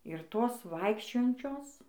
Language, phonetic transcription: Lithuanian, ir ˈtos ˈvaikščiojančios

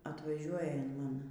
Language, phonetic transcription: Lithuanian, atvaˈžiuoja in ˈman

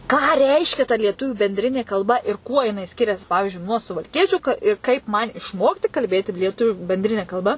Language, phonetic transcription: Lithuanian, ką ˈreiškia ta lieˈtuvių benˈdrinė kalˈba ir ˈkuo jiˈnai ˈskirias ˈpavižiui nuo suvalˈkiečiu ka ˈi kaip ˈman išˈmokti kalˈbėti lieˈtuviu benˈdrine kalˈba

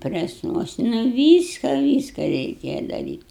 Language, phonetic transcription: Lithuanian, ˈpresnuosna ˈvyska ˈvyska reiˈkėja daˈryt'

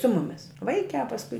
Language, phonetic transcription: Lithuanian, su ˈmumis ˈvaikiā pasˈkui

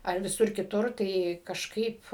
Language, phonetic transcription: Lithuanian, ar viˈsur kiˈtur ˈtai kažˈkaip

